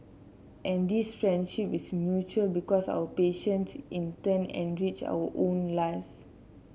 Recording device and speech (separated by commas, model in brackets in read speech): mobile phone (Samsung C7), read sentence